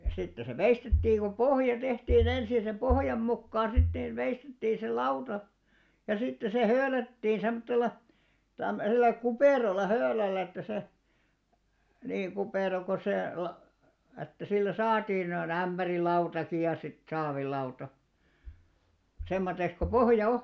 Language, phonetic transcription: Finnish, 'sitte se 'veistettiiŋ ko "pohja 'tehtii'n ‿ensi ja sem "ʙohjam 'mukkaaa̰ sit 'nìn 'veistettii se "lauta , ja sitte se "höölättiin 'sem̆mottel̆la , 'tämmösellä "kupèralla "hööläl̆lä että se , niiŋ 'kupèra ko se la- , ättä sillä "saatiin noi'n ‿ämʙärilautaki ja sit 'saavillauta , 'semmoteks ko "pohja 'o .
- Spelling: sitten se veistettiin kun pohja tehtiin ensin ja sen pohjan mukaan sitten niin veistettiin se lauta ja sitten se höylättiin semmoisella tämmöisellä kuperalla höylällä että se niin kupera kun se - että sillä saatiin noin ämpärilautakin ja sitten saavilauta semmoiseksi kuin pohja on

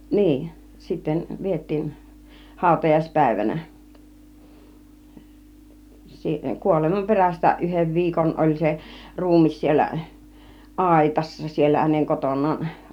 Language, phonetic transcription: Finnish, 'niin , sitten 'viet̆tiin , 'hàutajais 'pä̀ivänä , si- 'kuolemam "perästä 'yhev "viikon 'oĺ se 'ruum̆mis siel̆lä , "àitassa siellä häneŋ 'koton̆naan .
- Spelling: niin sitten vietiin - hautajaispäivänä - kuoleman perästä yhden viikon oli se ruumis siellä aitassa siellä hänen kotonaan

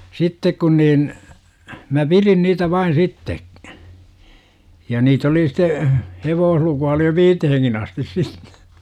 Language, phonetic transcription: Finnish, sittek kun niin , mä "pirin niitä 'vain 'sitte' , ja 'niit ‿oli site , 'hevoohluku₍a oli jo "viiteheŋkin astis sittE .
- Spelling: sitten kun niin minä pidin niitä vain sitten ja niitä oli sitten hevoslukua oli jo viiteenkin asti sitten

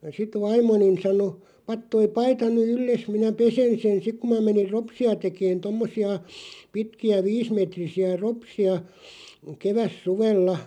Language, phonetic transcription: Finnish, sit 'vaim̆monin̬ sano » 'pat toi "paita ny 'ylles minä "pesen sen « 'sik ku mä menir "ropsi₍a 'tekeen 'tommosi₍a , 'pitki₍ä "viis'metrisi₍ä 'ropsi₍a , 'keväs'suvella ,.
- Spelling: sitten vaimoni sanoi pane tuo paita nyt yllesi minä pesen sen sitten kun minä menin ropseja tekemään tuommoisia pitkiä viisimetrisiä ropseja kevätsuvella

